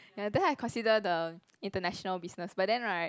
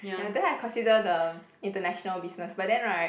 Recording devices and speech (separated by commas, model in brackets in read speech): close-talking microphone, boundary microphone, conversation in the same room